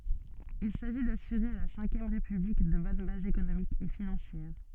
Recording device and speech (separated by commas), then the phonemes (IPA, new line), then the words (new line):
soft in-ear microphone, read sentence
il saʒi dasyʁe a la sɛ̃kjɛm ʁepyblik də bɔn bazz ekonomikz e finɑ̃sjɛʁ
Il s'agit d'assurer à la Cinquième République de bonnes bases économiques et financières.